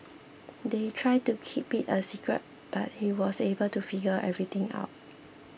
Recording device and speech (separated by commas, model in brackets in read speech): boundary microphone (BM630), read sentence